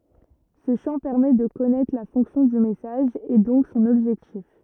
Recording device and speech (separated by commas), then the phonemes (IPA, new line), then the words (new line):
rigid in-ear microphone, read sentence
sə ʃɑ̃ pɛʁmɛ də kɔnɛtʁ la fɔ̃ksjɔ̃ dy mɛsaʒ e dɔ̃k sɔ̃n ɔbʒɛktif
Ce champ permet de connaître la fonction du message et donc son objectif.